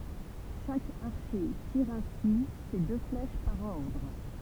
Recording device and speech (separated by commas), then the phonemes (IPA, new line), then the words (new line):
temple vibration pickup, read sentence
ʃak aʁʃe tiʁ ɛ̃si se dø flɛʃ paʁ ɔʁdʁ
Chaque archer tire ainsi ses deux flèches par ordre.